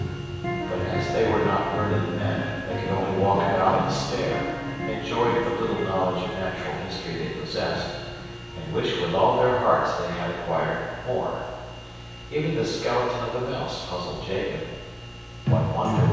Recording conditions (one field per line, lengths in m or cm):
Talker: one person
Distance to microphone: 7.1 m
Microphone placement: far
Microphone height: 1.7 m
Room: very reverberant, large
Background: music